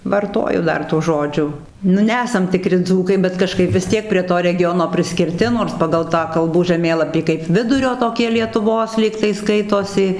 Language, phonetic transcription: Lithuanian, varˈtoju ˈdar tų ˈžodžių nu ˈnesam tiˈkri ˈdzūkai bet kaˈžkaip vis ˈtiek prie ˈto reˈgiono priskirˈti nors ˈpagal ˈtą kalˈbų žaˈmėlapį kaip ˈvidurio toˈkie lietuˈvos ˈlygtai ˈskaitosi

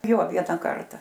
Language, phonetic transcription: Lithuanian, jo ˈviena ˈkarta

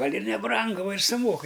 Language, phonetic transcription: Lithuanian, ˈgal' ir neˈbrangu ˈva ir suˈmokɨ

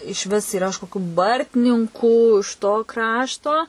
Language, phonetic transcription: Lithuanian, išˈvis yˈra iš koˈkių ˈbartninkų iš to ˈkrašto

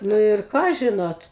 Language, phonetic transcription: Lithuanian, nu ir ˈką ˈžinot

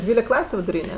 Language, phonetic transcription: Lithuanian, ˈdvylik ˈklasiu viduˈryne

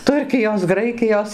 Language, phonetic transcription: Lithuanian, ˈturkijos ˈgraikijos

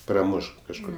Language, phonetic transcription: Lithuanian, praˈmuš kažˈkur

